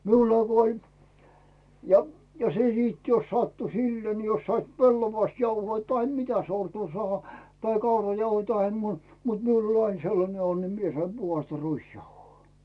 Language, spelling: Finnish, minulla kun oli ja ja se sitten jos sattui silleen niin jos saivat pellavasta jauhoja tai mitä sortua saada tai kaurajauhoja tai muuta mutta minulla oli aina sellainen onni minä sain puhdasta ruisjauhoa
- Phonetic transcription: 'miullà ko ‿oĺ , ja , ja 'se siit jos sattu "sillee ni jos sait "pellovast 'jauhoi tahe 'mitä sortuu sᵒàha , tai 'kaurajauhoi tahe muu(ta) , mut 'miul ‿oĺ aiŋ 'sellane 'onni mie saim 'Buhasta 'ruisjauhoo .

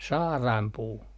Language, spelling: Finnish, saarainpuu
- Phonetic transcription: 'saaràmpuu .

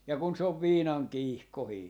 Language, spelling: Finnish, ja kun se on viinan kiihkoinen
- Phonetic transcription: ja kun 'se ov "viinaŋ "kiihkohii .

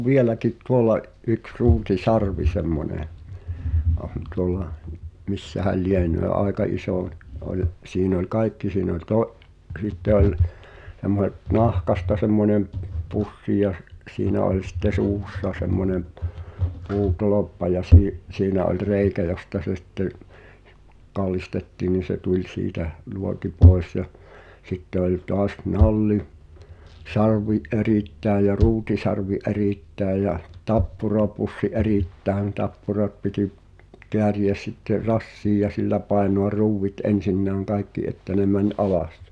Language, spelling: Finnish, minulla on vieläkin tuolla yksi ruutisarvi semmoinen on tuolla missähän lienee aika iso oli siinä oli kaikki siinä oli - sitten oli semmoiset nahkasta semmoinen pussi ja - siinä oli sitten suussa semmoinen puutolppa ja - siinä oli reikä josta se sitten kallistettiin niin se tuli siitä luoti pois ja sitten oli taas - nallisarvi erittäin ja ruutisarvi erittäin ja tappurapussi erittäin tappurat piti kääriä sitten rassiin ja sillä painaa ruuvit ensinnäkin kaikki että ne meni alas
- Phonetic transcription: minulla ov "vieläkit 'tuolla’ , ’yks 'ruuti"sarvi 'semmońe , oh̳n tuol̆la , 'missähäl "lienöö 'aeka 'isò , '’oĺ , siin ‿oĺ "kàikki siin ‿oĺ to’- , '’sitte oĺ , (s)emmoh̳et 'nahkasta semmońem , 'pussi ja s- , siinä oĺ sⁱtte "suussa semmone , 'puu"toloppa ja sii- , 'siinä oĺ "reikä josta se 'sⁱtte’ , 'kallistettiin̆ nin̬ se tuĺ 'siitäh , "luoti 'pòi̬s ja , sitte ‿oĺ 'toas "nalli- , -'sa(r)vi "’erìttä̀ej jä 'ruutisarvi "’erìttä̀ej jä , "tappurapussi "’erìttäĕn 'tappurat piti , 'keäri₍ä sitter "rassiij ja 'sillä pàenoa 'ruuwwit '’en̬sinnä̀ŋ kaikki että ne mäǹ "’alas .

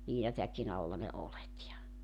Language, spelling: Finnish, liinatäkin alla ne oljet ja
- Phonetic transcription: 'liinatäkin ‿alla ne 'olet ja .

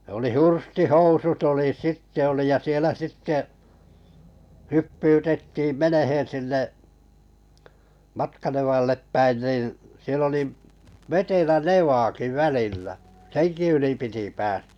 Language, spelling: Finnish, oli hurstihousut oli sitten oli ja siellä sitten hyppyytettiin menemään sinne Matkanevalle päin niin siellä oli vetelä nevakin välillä senkin yli piti päästä
- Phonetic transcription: oli 'hursti"housut oli 'sitte oli ja sielä 'sitte , 'hyppytettiiᵐ "meneheḛ 'sinne , "Matkanevallep 'päin nìn̬ , siell ‿oli , 'vetelä "nevaaki "välillä , "seŋki yli piti 'pääs[tä] .

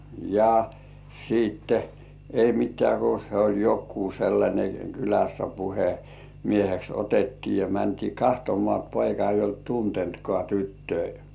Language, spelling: Finnish, ja sitten ei mitään kun se oli joku sellainen kylässä - puhemieheksi otettiin ja mentiin katsomaan poika ei ollut tuntenutkaan tyttöjä
- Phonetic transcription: ja , siitte , ei 'mit̆tĕä̀§ ku se oĺ 'jokkuu sellańe 'kylässä 'puhe- , "-mieheks otettii ja 'mäntii "kahtomŏà 'poika eij̆j ‿olt "tuntentkŏà 'tyttöi .

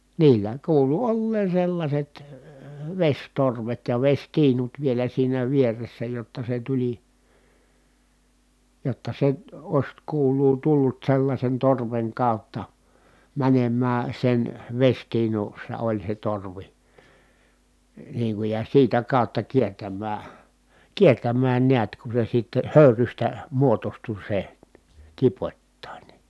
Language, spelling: Finnish, niillä kuului olleen sellaiset vesitorvet ja vesitiinut vielä siinä vieressä jotta se tuli jotta se olisi kuuluu tullut sellaisen torven kautta menemään sen vesitiinussa oli se torvi niin kuin ja siitä kautta kiertämään kiertämään näet kun se sitten höyrystä muodostui se tipoittain
- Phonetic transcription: niillä kuulu olleen̬ sellaśet , veśtorvet ja veśtiinut vielä siinä vieressä jotta se tuĺi , jotta se , oⁱs kuul̀uu tullut sellaśen torveŋ kàu̬tta , mänemmää sen , veśtiinussa oĺ se torvi , niiŋ kuj ja siitä kàutta kiertämmää , kiertämmään niät ku se sitte hö̀yrystä , muotostu se , tipot́tàin .

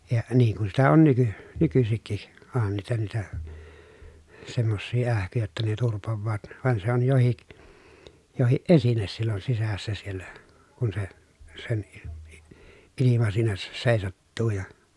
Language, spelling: Finnish, ja niin kun sitä on - nykyisinkin onhan niitä niitä semmoisia ähkyjä jotta ne turpoavat vaan se on jokin jokin esine silloin sisässä siellä kun se sen - - ilma siinä - seisattuu ja
- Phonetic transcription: ja , niiŋ kun sitä on nyky- , nykysikki , òhan niitä niitä , semmossii ähkyjä jotta ne turpovvaat , vàen se on johik , johiʼ ʼesines sillon sisässä siellä , kun se , sen i- i- , ilima siinä se- sèisattuu ja .

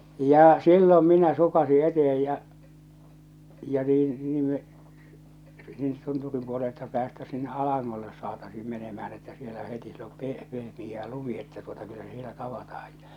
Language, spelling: Finnish, jaa silloin minä sukaisin eteen ja ja niin niin me tunturin puolelta päästäisiin sinne alangolle saataisiin menemään että siellä heti siellä on - pehmeää lumi että tuota kyllä se siellä tavataan ja
- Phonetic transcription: jaa , "sillom minä "sukasi "etehej ja , ja 'niin , 'niim me , "tunturim puolelta päästäs sinne 'alaŋŋolles saatasiim menemähän että sielä heti siel om 'peh- , 'pehmij̆jää "lumi että tuota 'kyllä se 'sielä 'tavatahaj ᴊᴀ .

